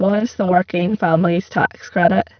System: VC, spectral filtering